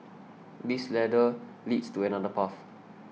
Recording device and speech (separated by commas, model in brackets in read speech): mobile phone (iPhone 6), read sentence